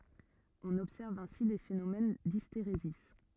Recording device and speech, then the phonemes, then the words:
rigid in-ear microphone, read sentence
ɔ̃n ɔbsɛʁv ɛ̃si de fenomɛn disteʁezi
On observe ainsi des phénomènes d'hystérésis.

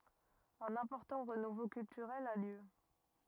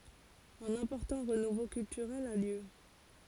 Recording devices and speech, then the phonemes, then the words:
rigid in-ear microphone, forehead accelerometer, read sentence
œ̃n ɛ̃pɔʁtɑ̃ ʁənuvo kyltyʁɛl a ljø
Un important renouveau culturel a lieu.

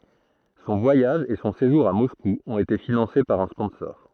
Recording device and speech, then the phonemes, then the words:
throat microphone, read sentence
sɔ̃ vwajaʒ e sɔ̃ seʒuʁ a mɔsku ɔ̃t ete finɑ̃se paʁ œ̃ spɔ̃sɔʁ
Son voyage et son séjour à Moscou ont été financés par un sponsor.

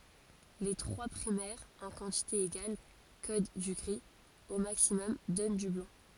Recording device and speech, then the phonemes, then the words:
forehead accelerometer, read sentence
le tʁwa pʁimɛʁz ɑ̃ kɑ̃tite eɡal kod dy ɡʁi o maksimɔm dɔn dy blɑ̃
Les trois primaires en quantité égale codent du gris, au maximum donnent du blanc.

